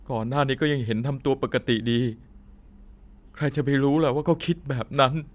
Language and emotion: Thai, sad